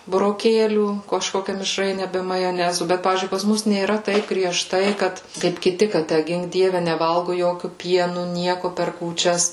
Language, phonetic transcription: Lithuanian, buroˈkėlių kažˈkokia mišˈraine ˈbe majoˈnezu ˈbet ˈpavyzdžiui pas ˈmus nėˈra ˈtaip grieˈžtai ˈkad kaip kiˈti ka ˈtæ ˈgink ˈdieve neˈvalgu ˈjokiu ˈpienu ˈnieku per kūčias

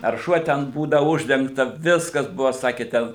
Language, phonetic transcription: Lithuanian, ar ˈšuo ten ˈbūda ˈuždengta ˈviskas ˈbuvo ˈsakė ten

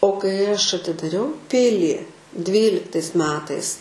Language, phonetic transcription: Lithuanian, o kai ˈaš atidaˈriau ˈpilį ˈdvyliktais ˈmetais

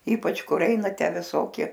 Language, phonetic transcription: Lithuanian, ˈypač ˈkur ˈeina ˈtę viˈsoki

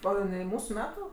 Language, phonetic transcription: Lithuanian, o jiˈnai ˈmūsu ˈmetu

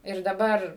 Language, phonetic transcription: Lithuanian, ir daˈbar

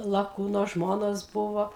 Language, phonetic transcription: Lithuanian, laˈkūno ˈžmonos ˈbuvo

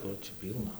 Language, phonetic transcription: Lithuanian, ˈkur ˈčia ˈpylna

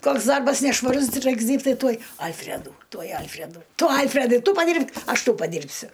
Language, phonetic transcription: Lithuanian, ˈkoks ˈdarbas nešvaˈrus ˈraiks ˈdyrbt' ˈtai ˈtuoj ˈalfredų ˈtuoj ˈalfredų ˈtu ˈalfredai ˈtu paˈdyrb'k' ˈaš ˈtau paˈdyrbsiu

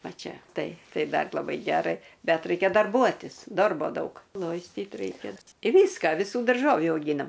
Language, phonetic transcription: Lithuanian, ˈva ˈčia ˈtai ˈtai ˈdar laˈbai ˈgerai ˈbet ˈraikia darˈbuotis ˈdorbo ˈdaug ˈloistyt ˈraikia i ˈvyska viˈsų darˈžovių auˈgynam

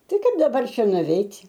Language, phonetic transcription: Lithuanian, ˈtai ˈkaip daˈbar ˈšia nuveit'

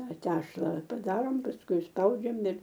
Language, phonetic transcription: Lithuanian, ˈta ˈtešla paˈdarom pasˈkui isˈpaudžiam ir

